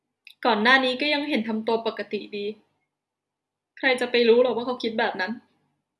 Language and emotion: Thai, sad